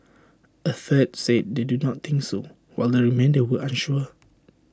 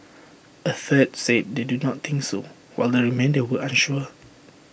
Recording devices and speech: standing microphone (AKG C214), boundary microphone (BM630), read sentence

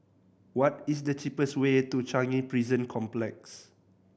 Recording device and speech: boundary microphone (BM630), read sentence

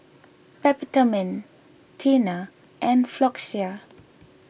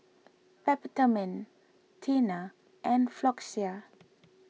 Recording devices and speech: boundary microphone (BM630), mobile phone (iPhone 6), read sentence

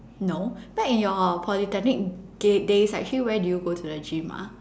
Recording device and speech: standing microphone, conversation in separate rooms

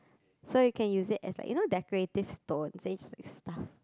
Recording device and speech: close-talking microphone, conversation in the same room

